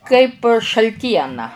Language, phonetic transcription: Lithuanian, kaip šalˈtiena

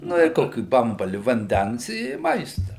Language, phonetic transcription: Lithuanian, ˈnu i ˈkokį ˈbambali vanˈdens i ˈmaista

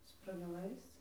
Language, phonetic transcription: Lithuanian, sprageˈlais

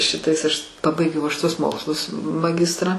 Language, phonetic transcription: Lithuanian, ˈšitais aš ˈpabaigiau aš tuos ˈmokslus maˈgistrą

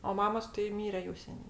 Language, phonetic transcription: Lithuanian, o ˈmamos tai ˈmyre jau ˈsenė

